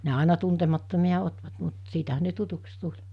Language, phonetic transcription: Finnish, ne àena 'tuntemattomi₍a 'otvat mut , 'siitäɦän̆ ne 'tutuks 'tuĺ .
- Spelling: ne aina tuntemattomia ottivat mutta siitähän ne tutuiksi tuli

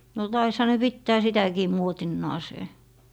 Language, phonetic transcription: Finnish, no 'taisha ne "pittää 'sitäkii 'muotinnaasee .
- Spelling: no taisihan ne pitää sitäkin muotinansa

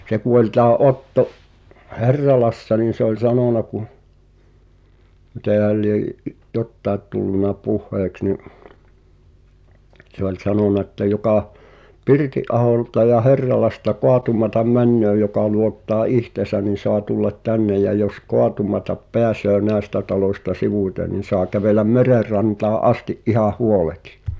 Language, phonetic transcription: Finnish, se ku ol tää 'Otto’ , "Hɛrralassa niin̬ se ‿ol "sanòna kuh , mitèhäl liej , 'jottaet tullunna "puh̆heeks ni’ , se ‿oĺ 'sanòna että » jokà , 'Pirti’’aholta ja 'Herralasta "koatumatam 'männöö joka luottaa 'ihteesän̆ nin̬ soa tullat "tännej jä jos "koatumatap 'peäsöö "nä̀estä talòśta 'sivùⁱten ni 'soa kävèläm 'merer rantaa’ "’asti’ ’ihah 'huoletɪ .
- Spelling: se kun oli tämä Otto Herralassa niin se oli sanonut kun mitenhän lie jotakin tullut puheeksi niin se oli sanonut että joka Pirttiaholta ja Herralasta koettamaan menee joka luottaa itseensä niin saa tulla tänne ja jos kaatumatta pääsee näistä taloista sivuitse niin saa kävellä meren rantaan asti ihan huoleti

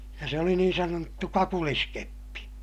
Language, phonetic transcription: Finnish, ja se oli niin sanottu kakuliskeppi .
- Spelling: ja se oli niin sanottu kakuliskeppi

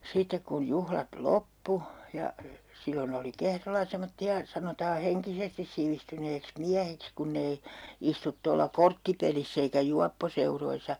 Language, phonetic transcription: Finnish, 'sitek kun 'juhlat "loppu , ja , 'sillon ‿oli 'Kehrolla 'semotti₍a , 'sanotaa 'heŋkisestis sivistyneeks "miähiks kunnei , 'istut tolla "korttipeliss ‿eikä 'juapposeuroisa .
- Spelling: sitten kun juhlat loppui ja silloin oli Kehrolla semmoisia sanotaan henkisesti sivistyneeksi miehiksi kun ei istu tuolla korttipelissä eikä juopposeuroissa

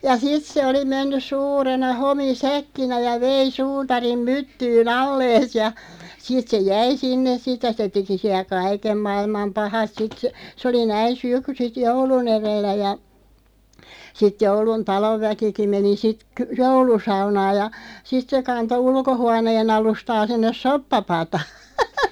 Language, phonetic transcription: Finnish, ja 'sit se oli 'mennys 'suurena 'homi"säkkinä ja "vei "suutarim "myttyy"n ‿allees ja , 'sit se "jäi 'sinnes "sit ja se 'teki siä "kaikem 'mailmam 'pahat 'sit sᵊ , 'sᵉ oli 'näin̬ "syk- sit "joulu'n ‿erellä ja , 'sit 'joulun "talovväkiki 'meni sit , ky- "joulusaunaaj ja , 'sit se 'kanto 'ulkohuanee'n ‿alustaa 'sinnes "soppa'pataa .
- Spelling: ja sitten se oli mennyt suurena homisäkkinä ja vei suutarin myttyyn allensa ja sitten se jäi sinne sitten ja se teki siellä kaiken maailman pahat sitten se se oli näin - sitten joulun edellä ja sitten jouluna talonväkikin meni sitten - joulusaunaan ja sitten se kantoi ulkohuoneen alustaa sinne soppapataan

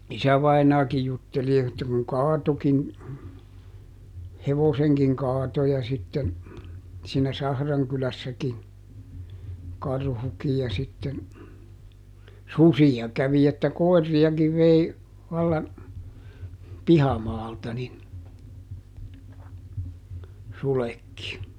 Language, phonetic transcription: Finnish, ˈisävainaakij ˈjutteli että kuŋ "kaatokin , "hevoseŋkiŋ ˈkaato ja sitten , siinä "Sahraŋkylässäkin , ˈkarhukij ja sitten , "susija ˈkävi että "koi̮rri₍akiv vei , vallan , "pihamaalta nin , ˈsulekki .
- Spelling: isävainaakin jutteli että kun kaatoikin hevosenkin kaatoi ja sitten siinä Sahrankylässäkin karhukin ja sitten susia kävi että koiriakin vei vallan pihamaalta niin sudetkin

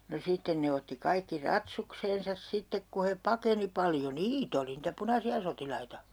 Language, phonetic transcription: Finnish, no 'sitten ne otti 'kaikki "ratsukseensas 'sittek ku he "pakeni 'paljo "niit ‿oli nitä 'punasi₍a 'sotilaita .
- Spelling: no sitten ne otti kaikki ratsukseen sitten kun he pakeni paljon niitä oli niitä punaisia sotilaita

